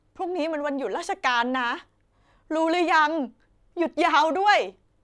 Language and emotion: Thai, happy